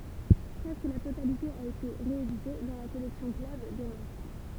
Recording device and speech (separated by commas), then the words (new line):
temple vibration pickup, read sentence
Presque la totalité a été rééditée dans la collection Club des Masques.